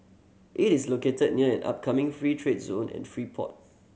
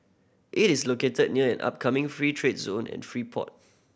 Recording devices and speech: mobile phone (Samsung C7100), boundary microphone (BM630), read sentence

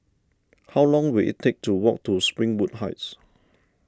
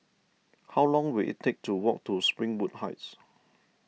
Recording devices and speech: standing microphone (AKG C214), mobile phone (iPhone 6), read sentence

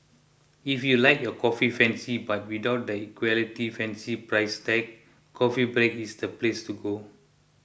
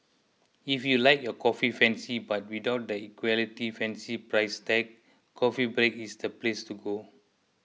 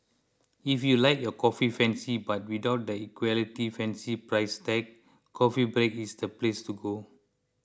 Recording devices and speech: boundary microphone (BM630), mobile phone (iPhone 6), close-talking microphone (WH20), read sentence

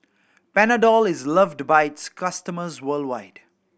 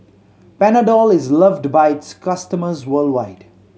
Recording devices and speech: boundary microphone (BM630), mobile phone (Samsung C7100), read sentence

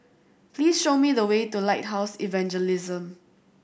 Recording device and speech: boundary microphone (BM630), read sentence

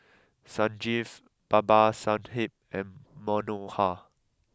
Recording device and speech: close-talking microphone (WH20), read sentence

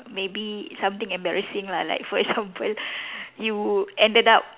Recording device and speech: telephone, conversation in separate rooms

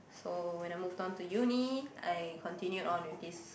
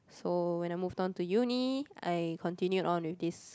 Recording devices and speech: boundary microphone, close-talking microphone, conversation in the same room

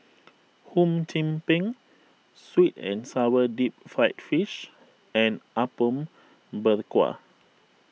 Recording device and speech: mobile phone (iPhone 6), read sentence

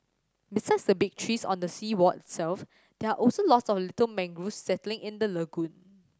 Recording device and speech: standing microphone (AKG C214), read sentence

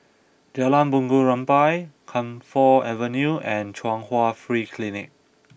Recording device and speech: boundary microphone (BM630), read sentence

